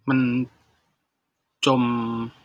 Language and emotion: Thai, sad